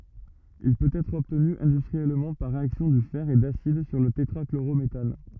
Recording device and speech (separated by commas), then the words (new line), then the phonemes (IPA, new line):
rigid in-ear microphone, read sentence
Il peut être obtenu industriellement par réaction du fer et d'acide sur le tétrachlorométhane.
il pøt ɛtʁ ɔbtny ɛ̃dystʁiɛlmɑ̃ paʁ ʁeaksjɔ̃ dy fɛʁ e dasid syʁ lə tetʁakloʁometan